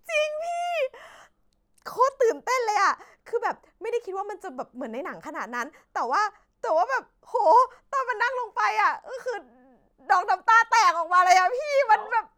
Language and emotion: Thai, happy